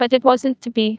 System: TTS, neural waveform model